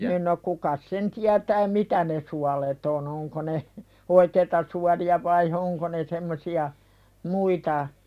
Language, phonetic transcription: Finnish, nin no kukas "sen tiätää "mitä ne 'sualet ‿o'n ‿oŋko ne , "oikeita suali₍a vai , 'oŋko ne 'semmosi₍a , "muita ,.
- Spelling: niin no kukas sen tietää mitä ne suolet on onko ne oikeita suolia vain onko ne semmoisia muita

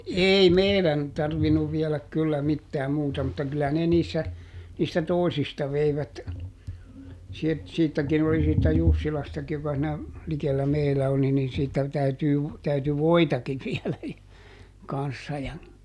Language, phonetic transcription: Finnish, "èi "meiδän , ˈtarvinuv vieläk kyllä ˈmittää ˈmuuta mutta ˈkyllä ne ˈniissä , niistä "tòisista ˈveivät , siet- , ˈsiittäkin ‿oli siittä "Jussilastaki ʲᵒka siinä , ˈlikellä "meilä oli niin ˈsiittä , ˈtäytyy v- , täyty "voitakiv ˈviɛlä , ˈkan̬ssa ja ,.
- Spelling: ei meidän tarvinnut viedä kyllä mitään muuta mutta kyllä ne niissä niistä toisista veivät - siitäkin oli siitä Jussilastakin joka siinä likellä meillä oli niin siitä täytyy - täytyi voitakin viedä kanssa ja

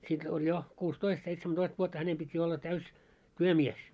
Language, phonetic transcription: Finnish, sit oĺ jo , 'kuus"toist 'seitsemä'toist vuotta 'hänem pit́ jo olla 'täys , "työmies .
- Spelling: sitten oli jo kuusitoista seitsemäntoista vuotta hänen piti jo olla täysi työmies

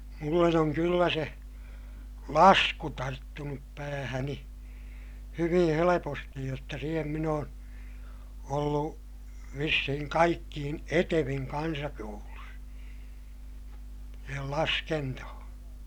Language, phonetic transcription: Finnish, mullen oŋ kyllä se , lasku tarttunup päähäni , hyviḭ helepostij jotta siihem min ‿oon , ollu , vissihiŋ kaikkiin eteviŋ kansakoulus , siihel laskentohoo̰ .
- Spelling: minulle on kyllä se lasku tarttunut päähäni hyvin helposti jotta siihen minä olen ollut vissiin kaikkein etevin kansakoulussa siihen laskentoon

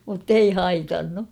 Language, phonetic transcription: Finnish, mut'tei "haitannu .
- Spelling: mutta ei haitannut

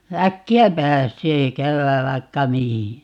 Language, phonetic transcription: Finnish, "äkki₍ä 'pääsee , ('käymääv) 'vaikka "mihi .
- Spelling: äkkiä pääsee käymään vaikka mihin

